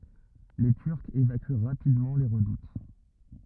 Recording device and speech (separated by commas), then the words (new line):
rigid in-ear microphone, read sentence
Les Turcs évacuent rapidement les redoutes.